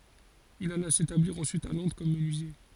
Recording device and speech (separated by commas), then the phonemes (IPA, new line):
forehead accelerometer, read sentence
il ala setabliʁ ɑ̃syit a lɔ̃dʁ kɔm mənyizje